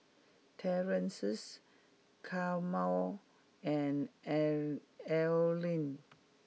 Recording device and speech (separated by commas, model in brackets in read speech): mobile phone (iPhone 6), read sentence